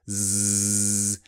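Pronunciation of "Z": A z sound is heard, buzzing like a bee, made with vibration.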